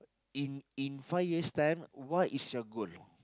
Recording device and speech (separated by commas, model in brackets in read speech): close-talking microphone, conversation in the same room